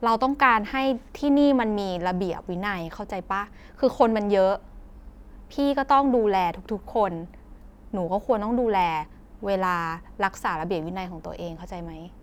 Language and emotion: Thai, frustrated